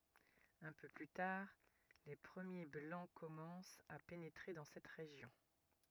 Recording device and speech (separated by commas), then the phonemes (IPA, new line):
rigid in-ear microphone, read sentence
œ̃ pø ply taʁ le pʁəmje blɑ̃ kɔmɑ̃st a penetʁe dɑ̃ sɛt ʁeʒjɔ̃